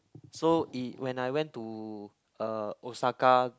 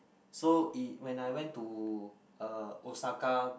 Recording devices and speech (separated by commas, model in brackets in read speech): close-talking microphone, boundary microphone, conversation in the same room